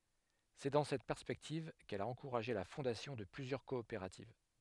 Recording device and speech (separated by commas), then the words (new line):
headset microphone, read sentence
C'est dans cette perspective qu'elle a encouragé la fondation de plusieurs coopératives.